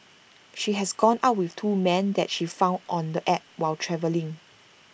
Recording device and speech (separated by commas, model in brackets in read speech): boundary microphone (BM630), read sentence